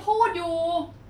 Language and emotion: Thai, frustrated